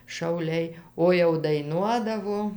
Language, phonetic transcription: Lithuanian, šauˈliai ˈo jau daiˈnuodavo

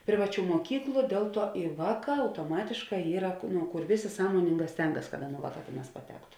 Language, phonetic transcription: Lithuanian, ˈprivaˌčių muoˈkyklu ˈdėl ˌtuo i ˈvāˌkā autoˈmatėšˌkā ˈyra ku nu ˈkur ˈvėˌsė ˈsąmoninˌgā ˈstengas kad ˈaˌnų ˈvāˌkā ˈtėˌnās paˈtektu

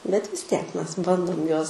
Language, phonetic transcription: Lithuanian, bet vis ˈtiek ˈmes ˈbandom ˈjuos

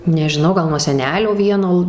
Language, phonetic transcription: Lithuanian, nežiˈnau ˈgal nuo seˈnelio ˈvieno

